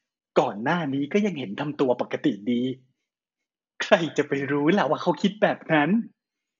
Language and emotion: Thai, happy